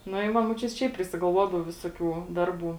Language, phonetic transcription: Lithuanian, nu i ˈva muoˈčiut' ˈšiaip prisigalˈvuodavo ˈvisoˌkių ˈdarˌbų

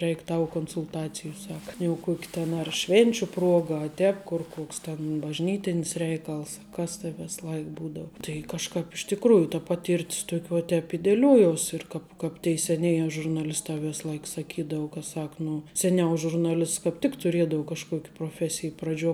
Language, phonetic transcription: Lithuanian, ˈreik' ˈtau konsulˈtacijų ˈsaka jau ˈkuoki ten ar ˈšvėnčiu ˈpruoga a ˈtēp kur ˈkoks ten bažˈnytinis ˈreikals a ˈkas tai ˈvės ˈlai ˈbūdau tai kažˈkāp iš tikˈrųju ta ˈpaˌtyr't's ˈtuok' vuo ˈtēp i deˈliuojuos' ir ˈkāp ˈkāp tei seˈnėje žurnaˈlistā ˈvės ˈlaik saˈkydau ka ˈsak ˈnu seˈniau žurnaˈlists kāp ˈtik tuˈriedau kažˈkuok' proˈfesij praˈdžiuo

